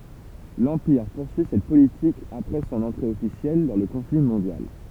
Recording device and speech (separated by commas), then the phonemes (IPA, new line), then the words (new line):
temple vibration pickup, read sentence
lɑ̃piʁ puʁsyi sɛt politik apʁɛ sɔ̃n ɑ̃tʁe ɔfisjɛl dɑ̃ lə kɔ̃fli mɔ̃djal
L'Empire poursuit cette politique après son entrée officielle dans le conflit mondial.